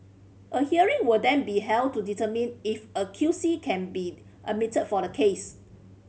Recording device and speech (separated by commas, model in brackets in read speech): mobile phone (Samsung C5010), read sentence